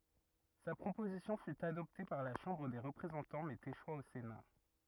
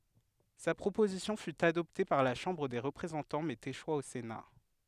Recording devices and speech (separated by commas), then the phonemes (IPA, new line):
rigid in-ear microphone, headset microphone, read sentence
sa pʁopozisjɔ̃ fy adɔpte paʁ la ʃɑ̃bʁ de ʁəpʁezɑ̃tɑ̃ mɛz eʃwa o sena